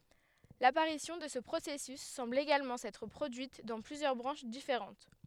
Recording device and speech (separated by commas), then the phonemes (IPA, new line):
headset microphone, read sentence
lapaʁisjɔ̃ də sə pʁosɛsys sɑ̃bl eɡalmɑ̃ sɛtʁ pʁodyit dɑ̃ plyzjœʁ bʁɑ̃ʃ difeʁɑ̃t